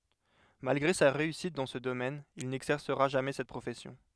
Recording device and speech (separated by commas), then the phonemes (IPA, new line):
headset microphone, read sentence
malɡʁe sa ʁeysit dɑ̃ sə domɛn il nɛɡzɛʁsəʁa ʒamɛ sɛt pʁofɛsjɔ̃